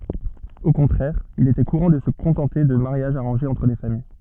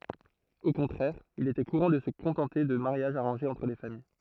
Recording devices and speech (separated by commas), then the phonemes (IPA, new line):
soft in-ear microphone, throat microphone, read sentence
o kɔ̃tʁɛʁ il etɛ kuʁɑ̃ də sə kɔ̃tɑ̃te də maʁjaʒz aʁɑ̃ʒez ɑ̃tʁ le famij